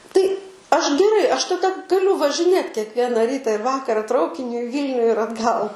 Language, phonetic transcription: Lithuanian, tai ˈaš geˈrai ˈaš taˈda gaˈliu važiˈnėt kekˈviena ˈryta ir ˈvakara ˈtraukiniu i ˈvylniu ir atˈgal

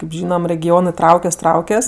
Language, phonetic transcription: Lithuanian, kėp ˈžynam regiˈonɜ ˈtraukias ˈtraukias

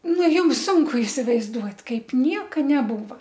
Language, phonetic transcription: Lithuanian, ˈnu ˈjums ˈsunku isivaizˈduot' ˈkaip ˈnieka neˈbūva

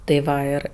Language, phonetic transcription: Lithuanian, tai ˈva ˈir

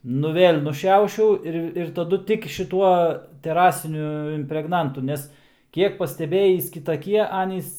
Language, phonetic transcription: Lithuanian, ˈnu ˈvėl' nuˈšiaušiau ˈir ir taˈdu ˈtik šiˈtuo teˈrasiniu impregˈnantu ˈnes ˈkiek pasteˈbėjįs kitaˈkie ˈanys

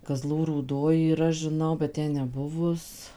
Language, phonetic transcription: Lithuanian, kaˈzlų rūˈdoj yˈra žiˈnau bet ˈten neˈbuvus

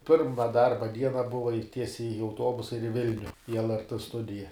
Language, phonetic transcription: Lithuanian, ˈpirma ˈdarba ˈdiena ˈbuva i ˈtiesiai i auˈtobusa ir i ˈvilniu į lrt ˈstudija

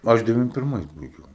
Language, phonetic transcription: Lithuanian, ˈaš deˈvim pirˈmais baiˈgiau

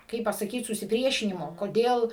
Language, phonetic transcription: Lithuanian, ˈkaip pasaˈkyt susiˈpriešinimo koˈdėl

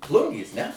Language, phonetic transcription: Lithuanian, ˈplungės ne

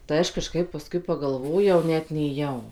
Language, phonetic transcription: Lithuanian, tai ˈaš kaˈžkaip paˈskui pagalˈvojau ˈnet nėˈjau

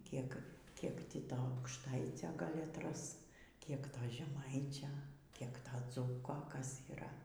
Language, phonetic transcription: Lithuanian, ˈkiek ˈkiek ˈtį ˈto aukšˈtaicio ˈgal' atˈras ˈkiek ˈto žeˈmaičio ˈkiek ˈto ˈdzūko ˈkas yˈra

